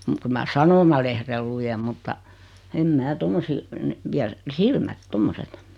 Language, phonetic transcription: Finnish, muk 'kyl mä "sanomalehrel 'lujem mutta , 'em 'mää "tommosii , (ne) , 'via , "silmät "tommoset .
- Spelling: mutta kyllä minä sanomalehden luen mutta en minä tuommoisia ne vie silmät tuommoiset

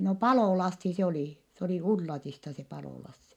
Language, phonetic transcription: Finnish, no Palò-Lassi se olì , s ‿oli Ullatista se Palò-Lassi .
- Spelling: no Palo-Lassi se oli se oli Ullatista se Palo-Lassi

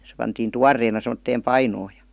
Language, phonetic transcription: Finnish, se pantiin "tuarreena sem°tteem "painoo jA .
- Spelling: se pantiin tuoreena semmoiseen painoon ja

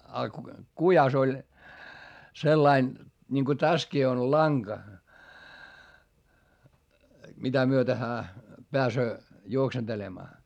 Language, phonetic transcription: Finnish, a kujas ‿oĺ , sellain , ńiŋko täskii on laŋGa , mitä myöte hää , peäsöö , juoksentelemaa .
- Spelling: ja kujassa oli sellainen niin kun tässäkin on lanka mitä myöten hän pääsee juoksentelemaan

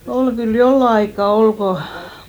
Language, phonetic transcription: Finnish, 'ol , kyl 'jolla aikka 'ol koʰ ,.
- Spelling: oli kyllä jollakin aikaa oli kun

